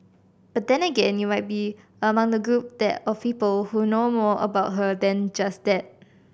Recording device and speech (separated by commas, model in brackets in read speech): boundary microphone (BM630), read sentence